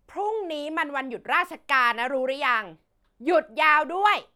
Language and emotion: Thai, angry